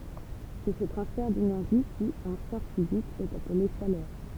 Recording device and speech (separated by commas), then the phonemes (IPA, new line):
temple vibration pickup, read sentence
sɛ sə tʁɑ̃sfɛʁ denɛʁʒi ki ɑ̃ sjɑ̃s fizikz ɛt aple ʃalœʁ